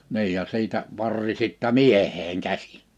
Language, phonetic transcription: Finnish, 'ni̬ij ja 'siitä , 'varri sittä "mieheeŋ 'käsi .
- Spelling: niin ja siitä varri sitten mieheen käsi

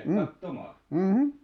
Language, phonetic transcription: Finnish, m̥m̥ "m̥§ .
- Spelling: mm mm

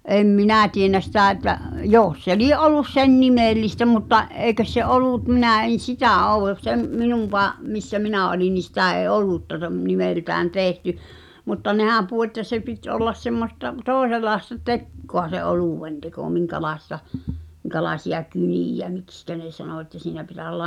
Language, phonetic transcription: Finnish, 'em "minä̀ tienä sitä̀ että , "jòs se 'lie’ '’ol̆lus 'sen "nimèllistä mutta , '’èi̬kös se "’olùt 'minä̀ en̬ "sitä̀ (ow) , sem , 'minùw̆- , -va , missä 'minä̀ oli ni 'sitä̀ ee "olutta(ᴅam) 'nimeltään "tèhty , mutta 'nehä̀m puʰu että 'se pit ’ollas semmosta , 'tòe(s)elaesta "tekkoa se "olùwenteko 'miŋkälaesta , miŋka̳laesi₍a "kynìjä "mikskä ne sano että 'siinä pitä(s) ‿olla ,.
- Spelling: en minä tiedä sitä että jos se lie ollut sen nimellistä mutta eikös se ollut minä en sitä ole sen - - missä minä oli niin sitä ei olutta nimeltään tehty mutta nehän puhui että se piti olla semmoista toisenlaista tekoa se oluenteko minkälaista minkälaisia kyniä miksi ne sanoi että siinä pitäisi olla

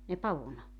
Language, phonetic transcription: Finnish, ne 'pavun .
- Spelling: ne pavun

